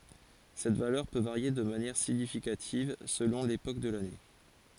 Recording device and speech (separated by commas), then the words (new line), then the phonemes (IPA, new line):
forehead accelerometer, read sentence
Cette valeur peut varier de manière significative selon l’époque de l’année.
sɛt valœʁ pø vaʁje də manjɛʁ siɲifikativ səlɔ̃ lepok də lane